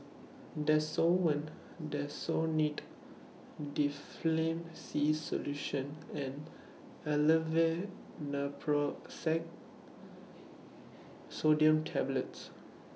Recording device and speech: mobile phone (iPhone 6), read sentence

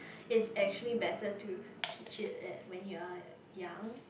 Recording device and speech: boundary microphone, conversation in the same room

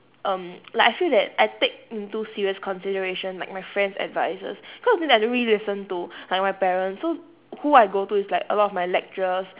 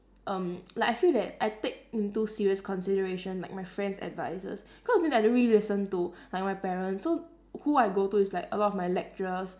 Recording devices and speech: telephone, standing microphone, conversation in separate rooms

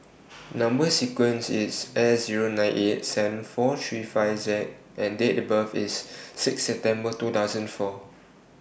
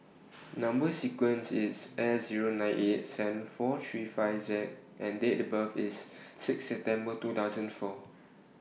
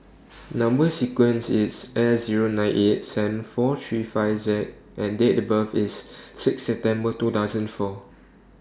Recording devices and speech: boundary microphone (BM630), mobile phone (iPhone 6), standing microphone (AKG C214), read sentence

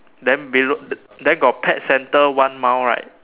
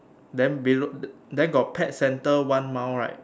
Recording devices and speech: telephone, standing microphone, conversation in separate rooms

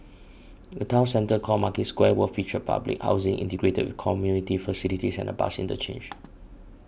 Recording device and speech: boundary microphone (BM630), read sentence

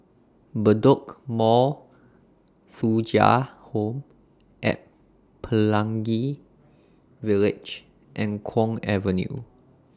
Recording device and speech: standing microphone (AKG C214), read sentence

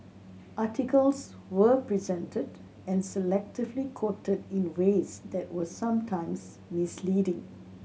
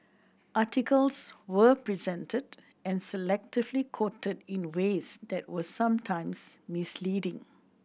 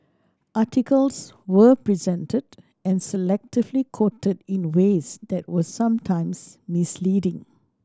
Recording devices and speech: mobile phone (Samsung C7100), boundary microphone (BM630), standing microphone (AKG C214), read sentence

